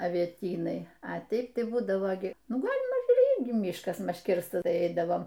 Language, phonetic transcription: Lithuanian, avieˈtynai a ˈteip ˈtai ˈbūdavo gi ˈnu ˈgalima ˈyrgi ˈmyškas ˈmaž ˈkirstas ˈtai ˈeidavom

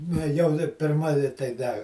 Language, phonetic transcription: Lithuanian, ne ˈjau da pirˈma i tai ˈda

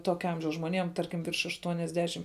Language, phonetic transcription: Lithuanian, ˈtokia ˈamžiaus žmoˈnėm ˈtarkim virš aštuoniasˈdešim

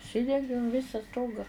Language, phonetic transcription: Lithuanian, užˈsidengėm ˈvisa ˈstoga

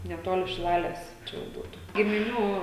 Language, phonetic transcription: Lithuanian, neˈtoli šiˈlales ˈčia jau ˈbūtu gimiˈnių

